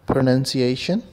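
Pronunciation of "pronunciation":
'pronunciation' is pronounced correctly here.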